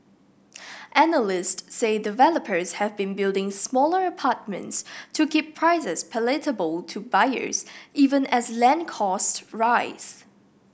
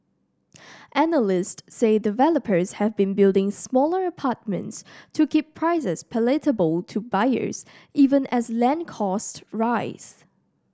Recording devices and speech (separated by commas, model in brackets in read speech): boundary microphone (BM630), standing microphone (AKG C214), read sentence